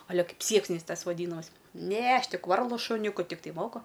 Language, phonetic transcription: Lithuanian, ˈa ˈle ˈkaip ˈsieksniais ˈtas vaˈdynamais ˈne ˈaš ˈtik ˈvarlu šuˈniuku ˈtiktai ˈmoku

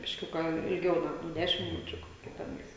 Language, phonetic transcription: Lithuanian, bišˈkiuką ilˈgiau gal ˈnu ˈdešim miˈnučiu ˈkokia teˈnais

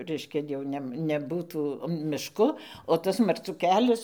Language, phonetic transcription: Lithuanian, ˈreiškia jau ˈnem neˈbūtų mišˈku o ˈtas marˈcų ˈkelias

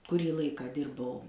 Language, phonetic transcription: Lithuanian, kuˈrį ˈlaiką ˈdirbau

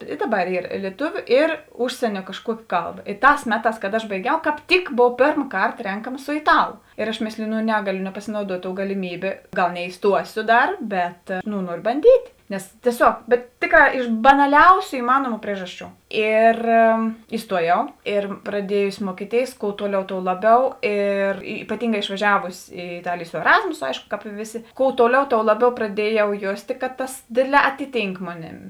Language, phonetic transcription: Lithuanian, i ˈdaˌbar ˈyr lieˈtuviu ir ˈužsienio kažˈkuoki ˈkalˌba ˈtās ˈmeˌtās kad aš baiˈgiau kāp ˈtik ˈbov ˈpėrm ˈkarta ˈrenkama su iˈtalu ir aš ˈmėsliju nu ˈnegaˌliu nepasinauˈduot' tou galiˈmybė ˈgal neiˈstuosio ˈdar bet nu ˈnuorio banˈdyt' nes tieˈsiog bet ˈtėˌkrā iš banaˈliausiu iˈmanuomu ˈpriežaˌsčių ˈir iˈstuoˌjau ir praˈdiejusi ˈmuokiˌtėis kou ˈtuoˌliau tou ˈlaˌbiau ir ipaˈtynˌgā išvaˈžiavusi i iˈtalėjė su eˈrazmuso ˈaiško kāp i ˈvėˌsė kou ˈtuoˌliau tou ˈlaˌbiau praˈdiejau ˈjostė kad tas ˈdėdˌlē ˈatiˌtynk ˈmoˌnėm

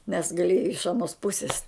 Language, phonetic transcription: Lithuanian, nes gaˈlieja iš aˈnos ˈpusis

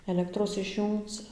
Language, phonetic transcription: Lithuanian, eˈlektros išˈjūngc

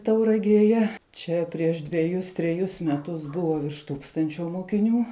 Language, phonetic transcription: Lithuanian, tauragėˈje ˈčia prieš dveˈjus treˈjus meˈtus ˈbuvo virš ˈtūkstančio mokiˈnių

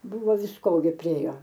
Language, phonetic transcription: Lithuanian, buˈvo visˈko gi priˈėjo

